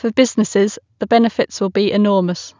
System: none